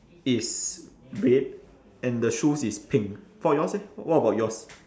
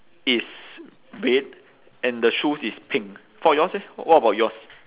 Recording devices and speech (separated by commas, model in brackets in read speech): standing microphone, telephone, conversation in separate rooms